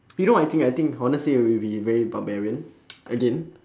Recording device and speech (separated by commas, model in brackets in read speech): standing microphone, conversation in separate rooms